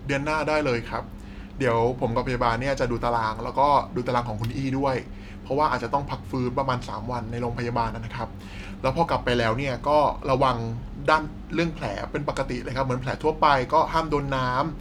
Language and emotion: Thai, neutral